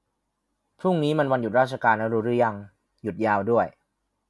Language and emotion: Thai, neutral